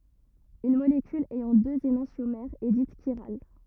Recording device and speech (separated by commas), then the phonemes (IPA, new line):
rigid in-ear microphone, read sentence
yn molekyl ɛjɑ̃ døz enɑ̃sjomɛʁz ɛ dit ʃiʁal